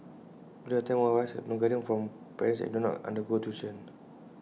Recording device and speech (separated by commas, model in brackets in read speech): mobile phone (iPhone 6), read sentence